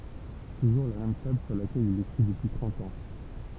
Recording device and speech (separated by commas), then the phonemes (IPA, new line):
temple vibration pickup, read sentence
tuʒuʁ la mɛm tabl syʁ lakɛl il ekʁi dəpyi tʁɑ̃t ɑ̃